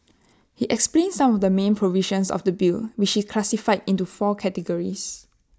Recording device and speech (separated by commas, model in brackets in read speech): standing microphone (AKG C214), read sentence